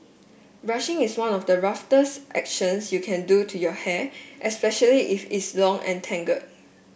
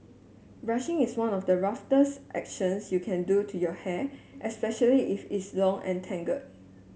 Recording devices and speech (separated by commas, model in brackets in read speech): boundary microphone (BM630), mobile phone (Samsung S8), read sentence